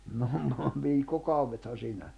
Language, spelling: Finnish, no no viikkokaudethan siinä
- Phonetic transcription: noh no 'viikko'kauwethan̬ 'siinä .

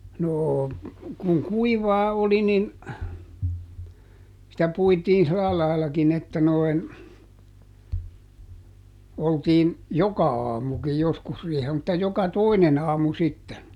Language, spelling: Finnish, noo kun kuivaa oli niin sitä puitiin sillä laillakin että noin oltiin joka aamukin joskus riihellä mutta joka toinen aamu sitten
- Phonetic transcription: ˈnoo , kuŋ "kuivaa ˈoli nin , sitä ˈpuitiin ˈsⁱla lail kin ‿että noin , ˈoltiin , "joka aamukij ˈjoskus riihel mutta ˈjoka "toineˈn ‿aamu ˈsitten .

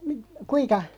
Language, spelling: Finnish, - kuinka
- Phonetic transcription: (mi-) "kuiŋka ?

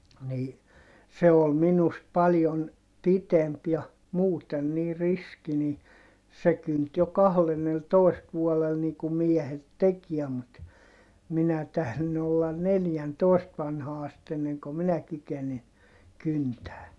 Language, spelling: Finnish, niin se oli minusta paljon pitempi ja muuten niin riski niin se kynti jo kahdennellatoista vuodella niin kuin miehet teki mutta minä - olla neljäntoista vanhaan asti ennen kuin minä kykenin kyntämään
- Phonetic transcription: ni , se ol minust paljon , pitemp ja , muuten nii riski ni , se kynt jo kahlenneltòist vuɔlel nii kum miɛhet tekiɛ mut , minä (tählin) ollan neljäntòist vanhaa ast enneŋko minä kykeni , kyntää .

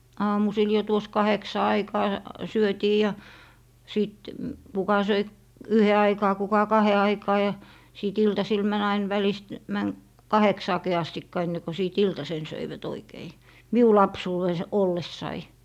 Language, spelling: Finnish, aamusilla jo tuossa kahdeksan aikaan syötiin ja sitten kuka söi yhden aikaan kuka kahden aikaan ja sitten iltasilla meni aina välistä meni kahdeksaankin asti ennen kuin sitten iltasen söivät oikein minun lapsuudessa ollessani
- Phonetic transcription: 'aamusil jo 'tuos "kaheksa 'aikaa , 'syötii ja , 'sìt , 'kuka söi , "yhe 'aikaa 'kuka "kahe 'aikaa ja , 'sìt 'iltasil män ‿ain välist , män , "kaheksaaki astikka enne ko 'sìt "iltasen 'söivät 'oikei , 'miu 'lapsuuwes , "ollessai .

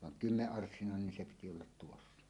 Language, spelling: Finnish, vaan kymmenenarssinainen niin se piti olla tuossa
- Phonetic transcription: vaŋ "kymmeˀˀarssinàenen nin se piti ollat 'tuossa .

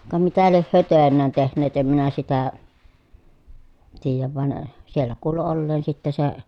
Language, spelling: Finnish, ka mitä lie he töinään tehneet en minä sitä tiedä vaan siellä kuului olleen sitten se
- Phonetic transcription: ka mitä lieh hyö tö̀en̆nään tehn̆neet em minä sitä , tiijäv van , siellä kuulu olleen sitte se ,.

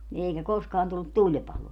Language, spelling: Finnish, niin eikä koskaan tullut tulipaloa
- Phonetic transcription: ni eikä 'koskaan tullut "tuĺpaloo .

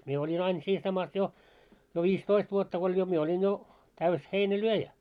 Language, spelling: Finnish, minä olin aina siinä samassa jo jo viisitoista vuotta kun oli jo minä olin jo täysi heinänlyöjä
- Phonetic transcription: 'mie oĺin ‿ain siin samas 'jo , jo 'viis"toist vuotta ko oĺ jo mie oĺin 'jo , täys 'heinä"lyöjä .

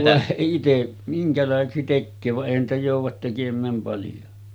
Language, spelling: Finnish, voi - itse minkälaiseksi tekee vaan eihän niitä jouda tekemään paljon
- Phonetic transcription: vòe h- 'ite , 'miŋkälàeseksi tekköö va’ '’èihän niitä jòuv̆vat tekem̆määm paljo .

